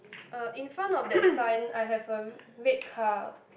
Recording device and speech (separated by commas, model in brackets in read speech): boundary microphone, conversation in the same room